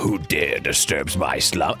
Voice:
gruff voice